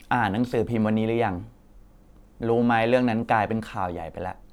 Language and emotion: Thai, frustrated